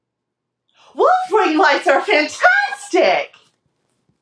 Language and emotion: English, happy